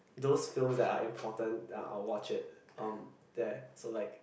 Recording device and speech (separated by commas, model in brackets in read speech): boundary microphone, conversation in the same room